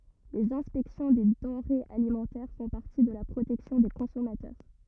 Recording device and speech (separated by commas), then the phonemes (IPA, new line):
rigid in-ear microphone, read sentence
lez ɛ̃spɛksjɔ̃ de dɑ̃ʁez alimɑ̃tɛʁ fɔ̃ paʁti də la pʁotɛksjɔ̃ de kɔ̃sɔmatœʁ